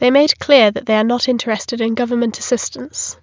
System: none